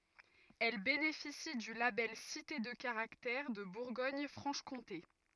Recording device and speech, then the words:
rigid in-ear microphone, read sentence
Elle bénéficie du label Cité de Caractère de Bourgogne-Franche-Comté.

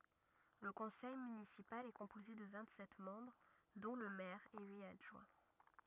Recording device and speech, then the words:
rigid in-ear microphone, read sentence
Le conseil municipal est composé de vingt-sept membres dont le maire et huit adjoints.

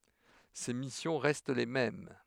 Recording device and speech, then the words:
headset microphone, read sentence
Ses missions restent les mêmes.

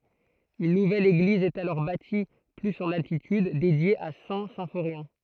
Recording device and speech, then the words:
throat microphone, read sentence
Une nouvelle église est alors bâtie plus en altitude, dédiée à Saint-Symphorien.

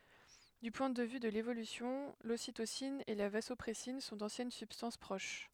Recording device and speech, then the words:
headset microphone, read sentence
Du point de vue de l'évolution, l'ocytocine et la vasopressine sont d'anciennes substances proches.

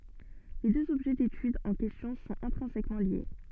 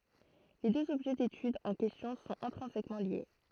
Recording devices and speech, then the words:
soft in-ear microphone, throat microphone, read sentence
Les deux objets d'étude en question sont intrinsèquement liés.

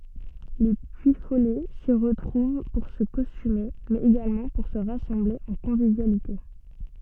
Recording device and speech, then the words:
soft in-ear microphone, read sentence
Les Puyfolais s'y retrouvent pour se costumer mais également pour se rassembler en convivialité.

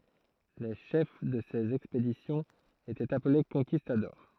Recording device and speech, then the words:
throat microphone, read sentence
Les chefs de ces expéditions étaient appelés conquistadors.

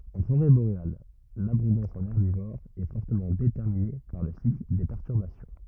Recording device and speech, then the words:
rigid in-ear microphone, read sentence
En forêt boréale, l'abondance en herbivores est fortement déterminée par le cycle des perturbations.

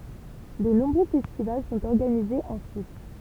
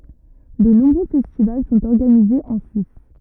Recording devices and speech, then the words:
temple vibration pickup, rigid in-ear microphone, read sentence
De nombreux festivals sont organisés en Suisse.

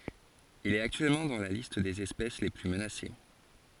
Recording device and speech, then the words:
forehead accelerometer, read sentence
Il est actuellement dans la liste des espèces les plus menacées.

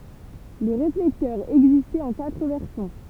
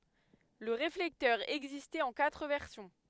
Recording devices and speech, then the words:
temple vibration pickup, headset microphone, read sentence
Le réflecteur existait en quatre versions.

